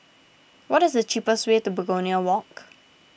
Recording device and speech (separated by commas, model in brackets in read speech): boundary microphone (BM630), read sentence